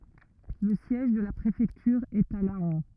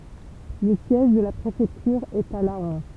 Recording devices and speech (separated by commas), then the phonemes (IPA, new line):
rigid in-ear microphone, temple vibration pickup, read sentence
lə sjɛʒ də la pʁefɛktyʁ ɛt a lɑ̃